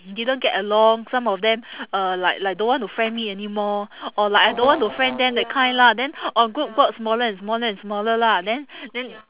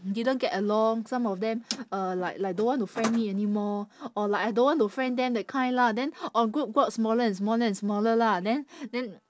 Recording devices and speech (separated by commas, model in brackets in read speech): telephone, standing microphone, conversation in separate rooms